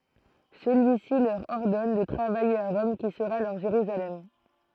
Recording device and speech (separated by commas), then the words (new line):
throat microphone, read sentence
Celui-ci leur ordonne de travailler à Rome qui sera leur Jérusalem.